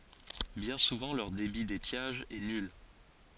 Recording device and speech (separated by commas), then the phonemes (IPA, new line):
forehead accelerometer, read sentence
bjɛ̃ suvɑ̃ lœʁ debi detjaʒ ɛ nyl